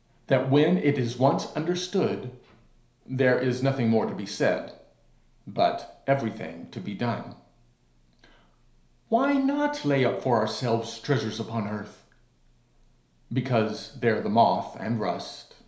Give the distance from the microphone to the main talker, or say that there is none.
1.0 m.